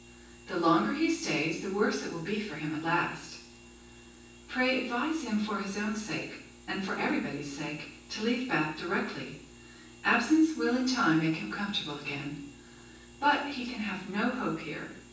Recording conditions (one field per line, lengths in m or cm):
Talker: one person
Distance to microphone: 9.8 m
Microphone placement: far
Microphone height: 1.8 m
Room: large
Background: none